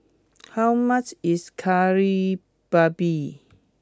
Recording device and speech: close-talking microphone (WH20), read sentence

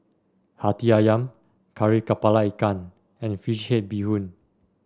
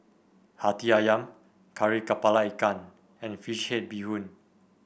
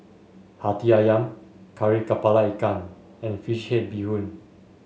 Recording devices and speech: standing microphone (AKG C214), boundary microphone (BM630), mobile phone (Samsung S8), read sentence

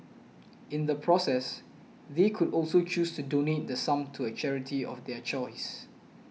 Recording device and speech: mobile phone (iPhone 6), read sentence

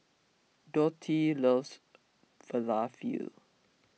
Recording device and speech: mobile phone (iPhone 6), read sentence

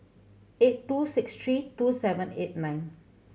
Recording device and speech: mobile phone (Samsung C7100), read sentence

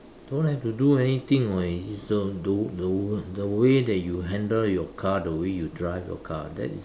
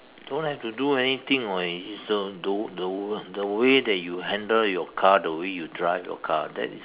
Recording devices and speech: standing microphone, telephone, conversation in separate rooms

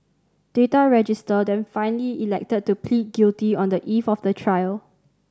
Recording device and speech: standing microphone (AKG C214), read sentence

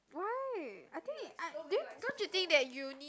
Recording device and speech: close-talking microphone, conversation in the same room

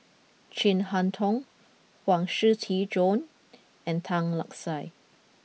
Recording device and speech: mobile phone (iPhone 6), read sentence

